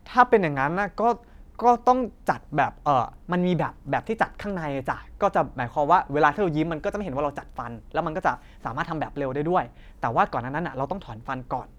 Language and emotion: Thai, neutral